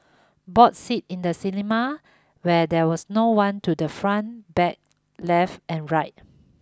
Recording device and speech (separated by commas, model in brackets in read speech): close-talking microphone (WH20), read sentence